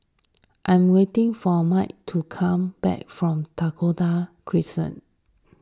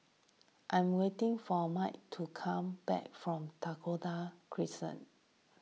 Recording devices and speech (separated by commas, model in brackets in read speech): standing microphone (AKG C214), mobile phone (iPhone 6), read sentence